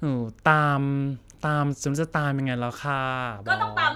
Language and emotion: Thai, frustrated